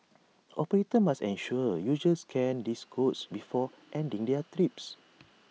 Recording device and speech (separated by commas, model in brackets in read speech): mobile phone (iPhone 6), read sentence